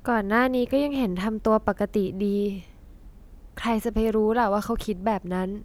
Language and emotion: Thai, neutral